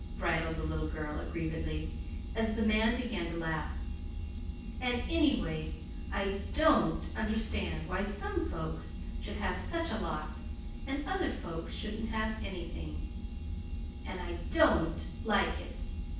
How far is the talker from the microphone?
9.8 m.